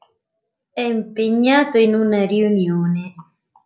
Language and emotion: Italian, neutral